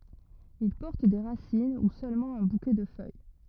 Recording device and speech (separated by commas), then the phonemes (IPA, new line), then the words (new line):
rigid in-ear microphone, read sentence
il pɔʁt de ʁasin u sølmɑ̃ œ̃ bukɛ də fœj
Ils portent des racines ou seulement un bouquet de feuilles.